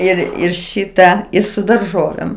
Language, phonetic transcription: Lithuanian, ˈir ir ˈšyta i su darˈžovėm

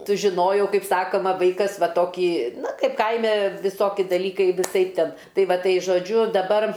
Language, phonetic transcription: Lithuanian, sužiˈnojau ˈkaip ˈsakoma ˈvaikas ˈva ˈtokį ˈnu ˈkaip ˈkaime viˈsoki daˈlykai viˈsaip ˈten ˈtai ˈva ˈtai žoˈdžiu daˈbar

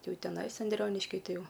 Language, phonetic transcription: Lithuanian, ˈjau teˈnais anˈdrioniški ˈtai ˈjau

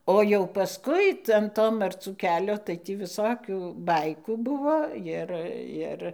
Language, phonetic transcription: Lithuanian, ˈo jau paˈskui tai an ˈto marˈcų ˈkelio tai ˈtį viˈsokių ˈbaikų ˈbuvo ˈjir ˈjir

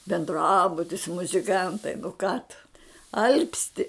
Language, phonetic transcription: Lithuanian, benˈdrabutis muziˈkantai nu ką tu ˈalpsti

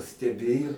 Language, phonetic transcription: Lithuanian, steˈbėju

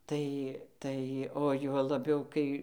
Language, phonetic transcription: Lithuanian, ˈtai ˈtai o ˈjuo labiau ˈkai

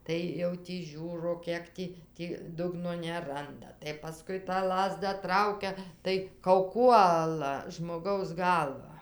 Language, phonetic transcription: Lithuanian, ˈtai jau tį ˈžiūro ˈkiek tį ˈtį ˈdugno neˈranda tai paˈskui tą ˈlazda ˈtraukia tai kauˈkuola žmoˈgaus ˈgalvą

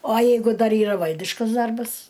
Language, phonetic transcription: Lithuanian, o ˈjeigu ˈdar ˈyra ˈvaldiškas ˈdarbas

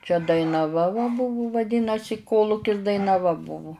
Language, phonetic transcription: Lithuanian, čia dainaˈva va ˈbuvu vaˈdynasi ˈkolukis dainaˈva ˈbuvu

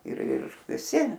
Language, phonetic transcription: Lithuanian, ir ˈir viˈsi

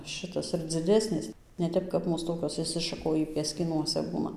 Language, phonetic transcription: Lithuanian, ˈšɨtas ir dziˈdesnės ne ˈtep kap ˈmūs ˈtokios išsišaˈkojį pieskyˈnuose ˈbūna

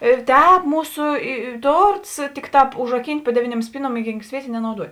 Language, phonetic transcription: Lithuanian, ir ˈtēp ˈmūsu i i ˈtorts ˈtikˌtāp užraˈkynt' pu ˈdeviˌniuom ˈspyˌnuom i ˈgynk ˈsvietė nenauˈduot'

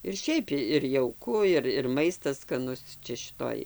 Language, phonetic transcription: Lithuanian, ir ˈšiaip ir jauˈku ir ir ˈmaistas skaˈnus ˈčia šiˈtoj

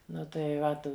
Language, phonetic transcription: Lithuanian, ˈnu tai ˈvat

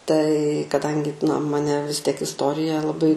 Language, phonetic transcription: Lithuanian, tai kaˈdangi na maˈne vis tiek isˈtorija laˈbai

